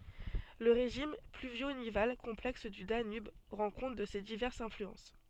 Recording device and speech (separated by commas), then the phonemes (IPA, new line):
soft in-ear microphone, read sentence
lə ʁeʒim plyvjo nival kɔ̃plɛks dy danyb ʁɑ̃ kɔ̃t də se divɛʁsz ɛ̃flyɑ̃s